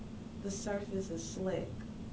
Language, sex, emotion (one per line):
English
female
neutral